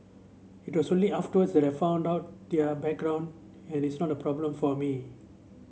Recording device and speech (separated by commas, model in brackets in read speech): mobile phone (Samsung C7), read sentence